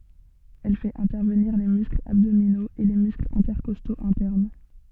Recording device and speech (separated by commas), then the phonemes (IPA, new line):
soft in-ear microphone, read sentence
ɛl fɛt ɛ̃tɛʁvəniʁ le mysklz abdominoz e le mysklz ɛ̃tɛʁkɔstoz ɛ̃tɛʁn